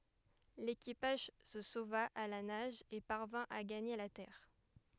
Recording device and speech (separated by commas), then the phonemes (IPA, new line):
headset microphone, read sentence
lekipaʒ sə sova a la naʒ e paʁvɛ̃ a ɡaɲe la tɛʁ